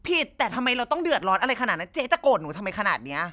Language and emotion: Thai, angry